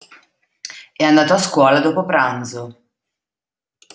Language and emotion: Italian, neutral